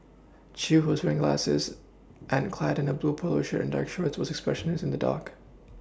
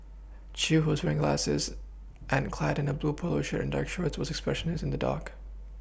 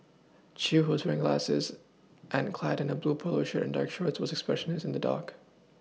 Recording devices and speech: standing microphone (AKG C214), boundary microphone (BM630), mobile phone (iPhone 6), read sentence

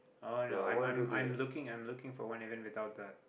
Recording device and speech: boundary microphone, conversation in the same room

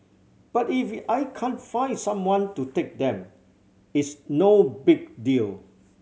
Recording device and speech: mobile phone (Samsung C7100), read sentence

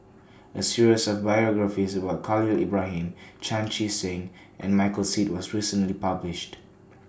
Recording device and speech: standing microphone (AKG C214), read sentence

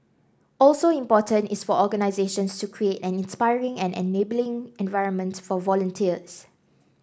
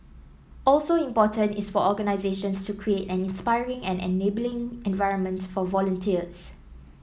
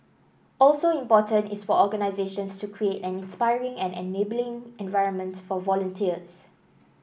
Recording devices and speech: standing microphone (AKG C214), mobile phone (iPhone 7), boundary microphone (BM630), read sentence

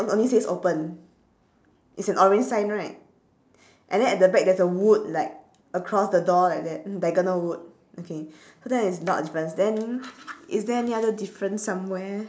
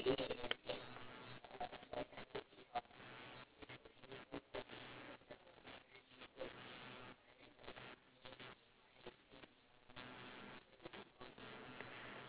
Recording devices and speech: standing microphone, telephone, conversation in separate rooms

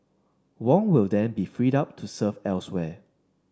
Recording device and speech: standing microphone (AKG C214), read sentence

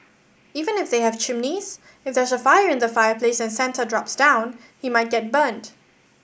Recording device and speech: boundary microphone (BM630), read sentence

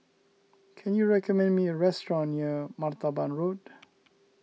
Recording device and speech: mobile phone (iPhone 6), read sentence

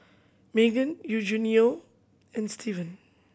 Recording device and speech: boundary microphone (BM630), read sentence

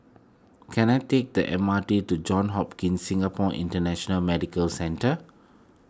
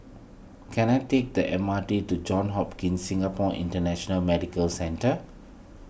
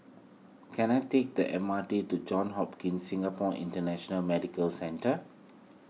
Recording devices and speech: close-talking microphone (WH20), boundary microphone (BM630), mobile phone (iPhone 6), read sentence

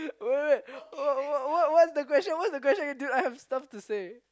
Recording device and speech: close-talking microphone, conversation in the same room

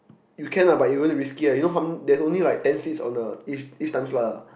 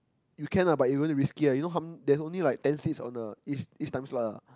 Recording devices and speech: boundary microphone, close-talking microphone, conversation in the same room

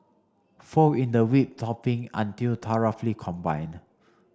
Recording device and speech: standing microphone (AKG C214), read sentence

